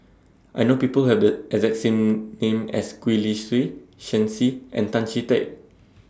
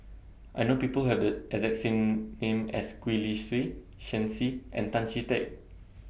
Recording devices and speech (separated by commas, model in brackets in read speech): standing microphone (AKG C214), boundary microphone (BM630), read sentence